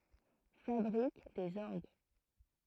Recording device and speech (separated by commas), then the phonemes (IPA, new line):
throat microphone, read sentence
fabʁik dez ɔʁɡ